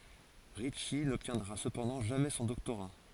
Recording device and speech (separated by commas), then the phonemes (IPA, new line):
forehead accelerometer, read sentence
ʁitʃi nɔbtjɛ̃dʁa səpɑ̃dɑ̃ ʒamɛ sɔ̃ dɔktoʁa